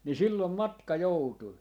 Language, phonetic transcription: Finnish, ni 'sillom "matka 'joutui .
- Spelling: niin silloin matka joutui

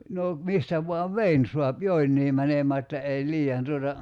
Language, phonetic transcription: Finnish, no , 'mistä vuav "vein suap "joinnii mänemää että 'ei 'lii₍an tuota ,.
- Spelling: no mistä vain veden saa jotenkin menemään että ei liian tuota

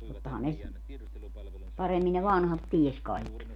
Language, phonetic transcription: Finnish, 'tottahan ne , 'paremmin ne "vanhat 'ties kaikki .
- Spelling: tottahan ne paremmin ne vanhat tiesi kaikki

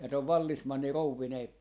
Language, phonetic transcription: Finnish, ja (tov) 'vallismanni 'rouvvinee ,.
- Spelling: ja - vallesmanni rouvineen

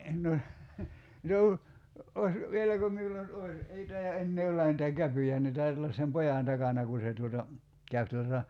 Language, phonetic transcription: Finnish, no , , 'os , 'vieläkö miul̆la nyt (oś) , 'ei tai₍a 'ennee olla nitä "käpyjä ne 'tait ‿olla sem "pojàn 'takana ku se tuota , 'käyp tuota ,.
- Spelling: no olisi vieläkö minulla nyt olisi ei taida enää olla niitä käpyjä ne taitaa olla sen pojan takana kun se tuota käy tuota

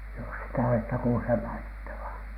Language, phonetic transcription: Finnish, jos sitä oletta kuulhè mainittavaN .
- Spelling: jos sitä olette kuulleet mainittavan

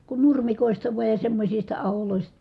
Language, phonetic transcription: Finnish, kun nurmikòi̮sta vuaj ja semmośista aholòis- ,.
- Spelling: kun nurmikoista vain ja semmoisista -

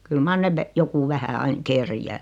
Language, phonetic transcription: Finnish, kyl 'mar ne (ve-) , joku 'vähä 'aiŋ "kerjää .
- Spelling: kyllä mar ne - joku vähän aina kerjää

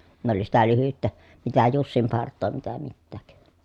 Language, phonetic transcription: Finnish, ne ‿oli sitä lyhyttä , mitä jussimpart̆too mitä mittääk .
- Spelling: ne oli sitä lyhyttä mitä jussinpartaa mitä mitään

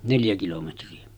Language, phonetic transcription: Finnish, 'neljä kilometri₍ä .
- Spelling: neljä kilometriä

